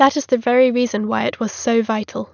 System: none